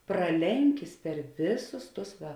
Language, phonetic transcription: Lithuanian, praˈlenkis per ˈviˌsus ˈtus ˈva

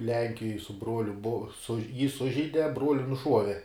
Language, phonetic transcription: Lithuanian, ˈlenkijoj su ˈbruoliu bu suž jį ˈsužeide ˈbruoli nuˈšuove

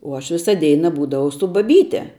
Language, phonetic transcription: Lithuanian, uo ˈaš ˈvisa ˈdeina ˈbūdavau su baˈbyte

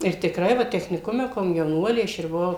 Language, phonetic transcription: Lithuanian, ir tikˈrai ˈva techniˈkume komjauˈnuolė ˈaš ir buˈvau

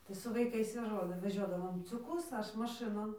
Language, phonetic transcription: Lithuanian, tai su vaiˈkais jau ˈžolę veˈžiodavom ciuˈkus ˈaš maˈšɨnon

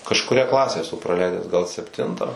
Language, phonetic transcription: Lithuanian, kažkuˈria ˈklasę eˈsu praˈleidęs gal sepˈtintą

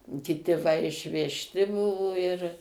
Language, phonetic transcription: Lithuanian, kiˈti va išvežˈti ˈbuvo ir

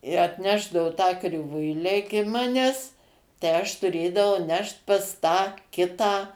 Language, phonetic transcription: Lithuanian, i atˈnešdao tą kriˈvuilę ˈiki ˈmanęs tai ˈaš tuˈrėdavau ˈnešt pas ˈtą ˈkitą

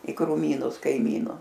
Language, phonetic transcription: Lithuanian, i kruˈmynus kaiˈmynu

